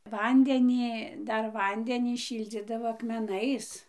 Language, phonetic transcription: Lithuanian, ˈvandeni ˈdar ˈvandenį ˈšyldzydavo akmeˈnais

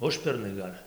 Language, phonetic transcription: Lithuanian, ˈužpernai ˈgal'

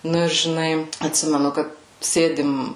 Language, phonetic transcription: Lithuanian, ˈnu ir žiˈnai atˈsimenu ˈkad ˈsėdim

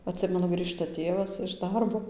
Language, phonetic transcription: Lithuanian, atˈsimenu ˈgrįžta ˈtėvas iš ˈdarbo

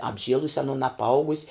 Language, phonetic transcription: Lithuanian, apˈžielus' aˈnun apˈaugus'

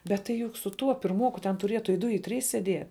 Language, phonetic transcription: Lithuanian, bet tai ˈjuk su ˈtuo pirˈmuoku ten tuˈrietu i ˈdu i ˈtrys seˈdie

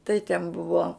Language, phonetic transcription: Lithuanian, tai ten ˈbuvo

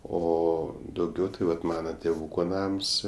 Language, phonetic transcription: Lithuanian, o dauˈgiau tai ˈvat ˈmana tėˈvūko ˈnams

